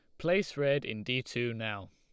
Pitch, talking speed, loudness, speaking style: 125 Hz, 210 wpm, -32 LUFS, Lombard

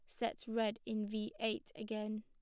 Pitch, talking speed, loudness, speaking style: 220 Hz, 180 wpm, -41 LUFS, plain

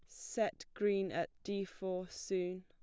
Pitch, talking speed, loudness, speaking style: 185 Hz, 150 wpm, -39 LUFS, plain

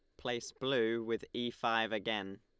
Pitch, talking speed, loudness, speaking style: 115 Hz, 165 wpm, -36 LUFS, Lombard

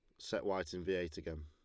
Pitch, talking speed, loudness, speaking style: 85 Hz, 290 wpm, -40 LUFS, Lombard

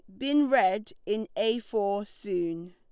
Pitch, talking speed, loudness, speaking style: 205 Hz, 145 wpm, -28 LUFS, Lombard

